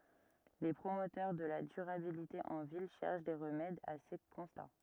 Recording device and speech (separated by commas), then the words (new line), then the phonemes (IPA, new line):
rigid in-ear microphone, read sentence
Les promoteurs de la durabilité en ville cherchent des remèdes à ces constats.
le pʁomotœʁ də la dyʁabilite ɑ̃ vil ʃɛʁʃ de ʁəmɛdz a se kɔ̃sta